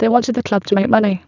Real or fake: fake